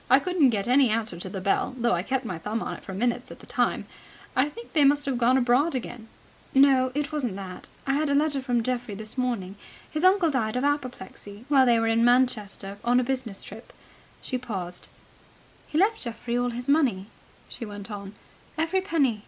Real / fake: real